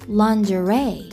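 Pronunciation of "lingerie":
'Lingerie' is said the American English way, with the stress on the third syllable.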